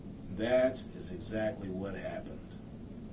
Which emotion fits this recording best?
neutral